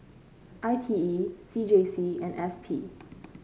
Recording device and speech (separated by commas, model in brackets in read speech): mobile phone (Samsung C5), read sentence